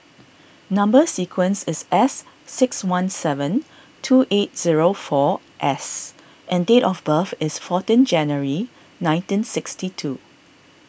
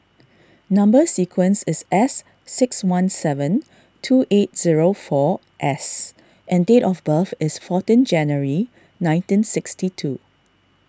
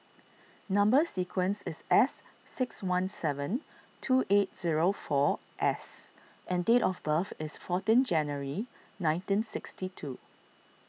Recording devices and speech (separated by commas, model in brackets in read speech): boundary microphone (BM630), standing microphone (AKG C214), mobile phone (iPhone 6), read sentence